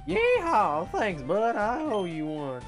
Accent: southern accent